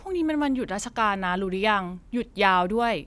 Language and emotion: Thai, neutral